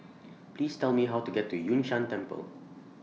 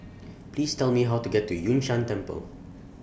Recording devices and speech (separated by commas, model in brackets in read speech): mobile phone (iPhone 6), boundary microphone (BM630), read sentence